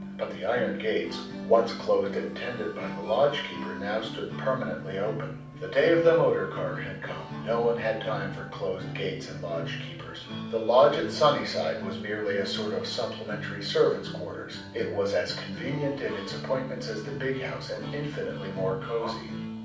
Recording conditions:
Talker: one person; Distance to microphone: 5.8 m; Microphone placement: far; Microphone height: 1.8 m; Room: medium-sized (5.7 m by 4.0 m); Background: music

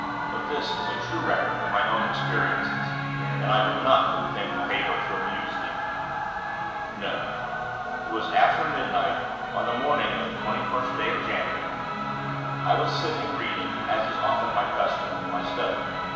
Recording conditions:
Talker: one person; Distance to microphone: 1.7 m; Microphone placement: close; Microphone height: 1.0 m; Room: very reverberant, large; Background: television

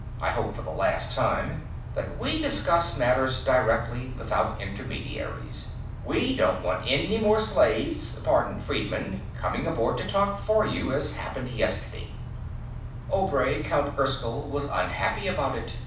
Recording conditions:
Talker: one person; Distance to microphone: 5.8 m; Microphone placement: far; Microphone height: 1.8 m; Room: medium-sized (5.7 m by 4.0 m); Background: none

